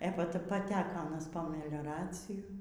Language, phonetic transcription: Lithuanian, ė pa paˈteko aˈnas po melioˈraciju

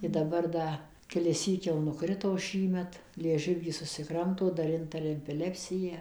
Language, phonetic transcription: Lithuanian, i daˈbar ˈda kelisˈsyk jau nuˈkrito ˈšįmet lieˈžiuvį susiˈkramto ˈdar ˈintaria epiˈlepsiją

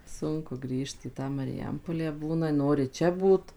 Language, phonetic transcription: Lithuanian, ˈsunku ˈgrįžt į ˈtą mariˈjampolę ˈbūna ˈnori ˈčia ˈbūt

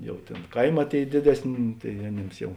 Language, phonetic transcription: Lithuanian, ˈjau ˈtėn ˈkaiˌmā ˈtėi ˈdėdesˌnė tai aˈnėms ˈjau

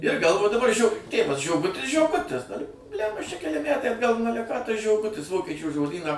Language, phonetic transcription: Lithuanian, ir ˈgalvo daˈbar žio ˈtėvas žioˈgutis žioˈgutis dar blæmba aš čia keˈli ˈmætai atˈgal nu ˈale ką tas žioˈgutis ˈvokiečių žoˈdyną

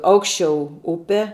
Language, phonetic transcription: Lithuanian, ˈaukščiau ˈupe

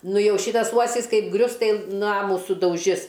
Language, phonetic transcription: Lithuanian, ˈnu ˈjau ˈšytas ˈuosis ˈkaip ˈgrius ˈtai ˈnamų sudauˈžis

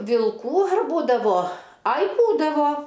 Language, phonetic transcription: Lithuanian, vilˈkų ar ˈbūdavo ˈai ˈbūdavo

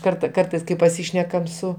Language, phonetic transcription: Lithuanian, ˈkarta ˈkartais kai paˈsyšnekam ˈsu

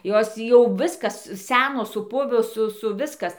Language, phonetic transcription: Lithuanian, ˈjos tį ˈjau ˈviskas ˈsenos suˈpuvo ˈsu ˈsu ˈviskas

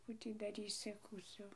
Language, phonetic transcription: Lithuanian, ˈkų tį daˈrysi kūˈcio

